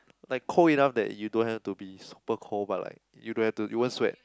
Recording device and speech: close-talking microphone, conversation in the same room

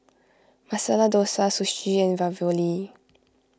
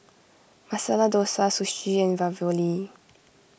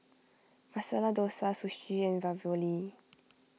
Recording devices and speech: close-talking microphone (WH20), boundary microphone (BM630), mobile phone (iPhone 6), read sentence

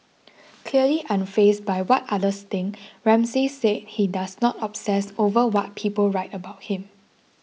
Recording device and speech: mobile phone (iPhone 6), read sentence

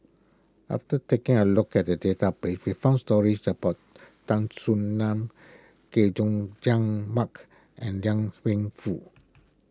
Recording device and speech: close-talking microphone (WH20), read sentence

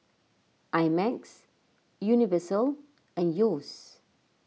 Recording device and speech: mobile phone (iPhone 6), read sentence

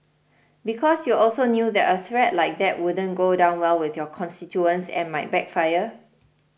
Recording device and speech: boundary microphone (BM630), read sentence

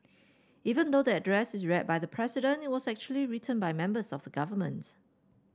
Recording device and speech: standing microphone (AKG C214), read sentence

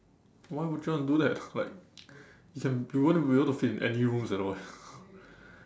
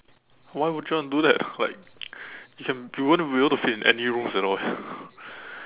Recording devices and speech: standing microphone, telephone, conversation in separate rooms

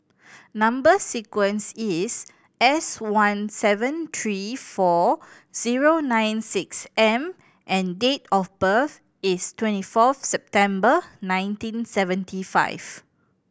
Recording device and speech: boundary microphone (BM630), read sentence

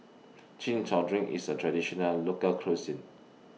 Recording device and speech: mobile phone (iPhone 6), read sentence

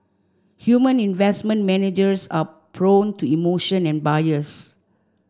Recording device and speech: standing microphone (AKG C214), read sentence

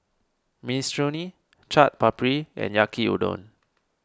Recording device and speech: standing microphone (AKG C214), read sentence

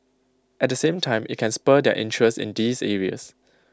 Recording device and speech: close-talking microphone (WH20), read sentence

